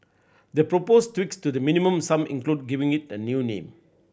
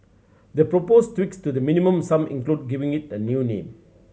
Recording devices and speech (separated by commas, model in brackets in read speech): boundary microphone (BM630), mobile phone (Samsung C7100), read sentence